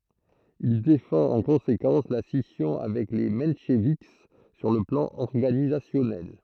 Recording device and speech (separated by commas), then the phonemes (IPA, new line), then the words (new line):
throat microphone, read sentence
il defɑ̃t ɑ̃ kɔ̃sekɑ̃s la sisjɔ̃ avɛk le mɑ̃ʃvik syʁ lə plɑ̃ ɔʁɡanizasjɔnɛl
Il défend en conséquence la scission avec les mencheviks sur le plan organisationnel.